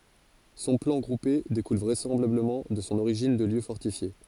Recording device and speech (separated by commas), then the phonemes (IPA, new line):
forehead accelerometer, read sentence
sɔ̃ plɑ̃ ɡʁupe dekul vʁɛsɑ̃blabləmɑ̃ də sɔ̃ oʁiʒin də ljø fɔʁtifje